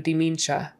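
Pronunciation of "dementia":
'Dementia' is pronounced incorrectly here.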